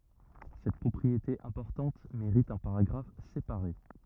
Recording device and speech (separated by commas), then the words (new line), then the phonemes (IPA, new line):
rigid in-ear microphone, read sentence
Cette propriété importante mérite un paragraphe séparé.
sɛt pʁɔpʁiete ɛ̃pɔʁtɑ̃t meʁit œ̃ paʁaɡʁaf sepaʁe